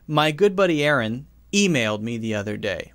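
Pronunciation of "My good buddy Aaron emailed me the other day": The sentence has a pause in it, so it is not said in one unbroken stretch.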